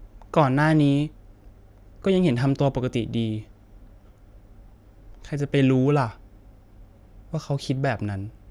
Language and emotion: Thai, sad